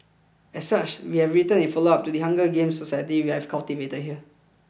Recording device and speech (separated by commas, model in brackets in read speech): boundary microphone (BM630), read sentence